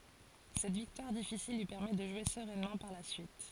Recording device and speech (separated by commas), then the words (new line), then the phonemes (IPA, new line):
forehead accelerometer, read sentence
Cette victoire difficile lui permet de jouer sereinement par la suite.
sɛt viktwaʁ difisil lyi pɛʁmɛ də ʒwe səʁɛnmɑ̃ paʁ la syit